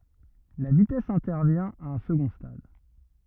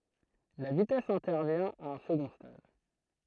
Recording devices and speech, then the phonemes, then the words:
rigid in-ear microphone, throat microphone, read sentence
la vitɛs ɛ̃tɛʁvjɛ̃ a œ̃ səɡɔ̃ stad
La vitesse intervient à un second stade.

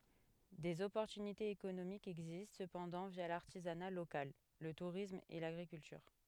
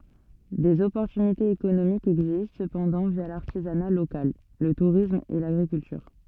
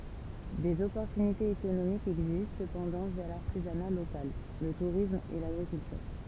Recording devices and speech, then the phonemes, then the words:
headset microphone, soft in-ear microphone, temple vibration pickup, read sentence
dez ɔpɔʁtynitez ekonomikz ɛɡzist səpɑ̃dɑ̃ vja laʁtizana lokal lə tuʁism e laɡʁikyltyʁ
Des opportunités économiques existent cependant via l'artisanat local, le tourisme et l'agriculture.

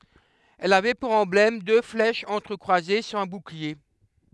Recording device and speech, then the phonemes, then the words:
headset microphone, read sentence
ɛl avɛ puʁ ɑ̃blɛm dø flɛʃz ɑ̃tʁəkʁwaze syʁ œ̃ buklie
Elle avait pour emblème deux flèches entrecroisées sur un bouclier.

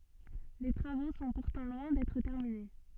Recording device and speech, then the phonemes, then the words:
soft in-ear microphone, read sentence
le tʁavo sɔ̃ puʁtɑ̃ lwɛ̃ dɛtʁ tɛʁmine
Les travaux sont pourtant loin d'être terminés.

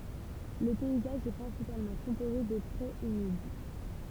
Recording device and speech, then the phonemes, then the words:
temple vibration pickup, read sentence
lə pɛizaʒ ɛ pʁɛ̃sipalmɑ̃ kɔ̃poze də pʁez ymid
Le paysage est principalement composé de prés humides.

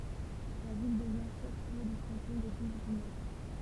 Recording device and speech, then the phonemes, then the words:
temple vibration pickup, read sentence
la vil dəvjɛ̃ ʃɛf ljø dy kɑ̃tɔ̃ də ɡilvinɛk
La ville devient chef-lieu du canton de Guilvinec.

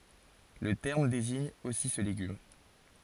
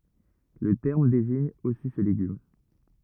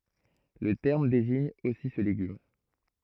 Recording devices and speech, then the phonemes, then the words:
forehead accelerometer, rigid in-ear microphone, throat microphone, read sentence
lə tɛʁm deziɲ osi sə leɡym
Le terme désigne aussi ce légume.

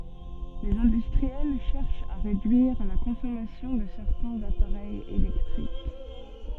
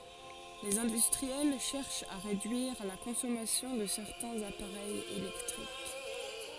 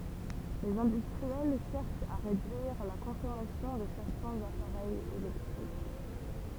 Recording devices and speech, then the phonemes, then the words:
soft in-ear microphone, forehead accelerometer, temple vibration pickup, read sentence
lez ɛ̃dystʁiɛl ʃɛʁʃt a ʁedyiʁ la kɔ̃sɔmasjɔ̃ də sɛʁtɛ̃z apaʁɛjz elɛktʁik
Les industriels cherchent à réduire la consommation de certains appareils électriques.

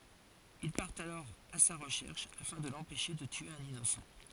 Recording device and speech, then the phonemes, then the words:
forehead accelerometer, read sentence
il paʁtt alɔʁ a sa ʁəʃɛʁʃ afɛ̃ də lɑ̃pɛʃe də tye œ̃n inosɑ̃
Ils partent alors à sa recherche afin de l'empêcher de tuer un innocent.

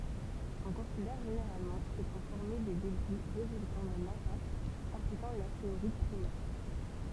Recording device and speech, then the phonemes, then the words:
temple vibration pickup, read sentence
ɔ̃ kɔ̃sidɛʁ ʒeneʁalmɑ̃ kil sɔ̃ fɔʁme de debʁi ʁezyltɑ̃ dœ̃n ɛ̃pakt ɛ̃plikɑ̃ lasteʁɔid pʁimɛʁ
On considère généralement qu'ils sont formés des débris résultant d'un impact impliquant l'astéroïde primaire.

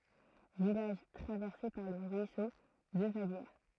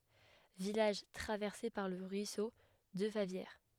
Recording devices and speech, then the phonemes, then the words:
throat microphone, headset microphone, read sentence
vilaʒ tʁavɛʁse paʁ lə ʁyiso də favjɛʁ
Village traversé par le ruisseau de Favières.

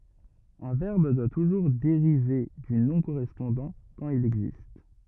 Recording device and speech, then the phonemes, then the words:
rigid in-ear microphone, read sentence
œ̃ vɛʁb dwa tuʒuʁ deʁive dy nɔ̃ koʁɛspɔ̃dɑ̃ kɑ̃t il ɛɡzist
Un verbe doit toujours dériver du nom correspondant quand il existe.

